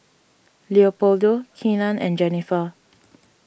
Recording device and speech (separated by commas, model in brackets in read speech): boundary microphone (BM630), read sentence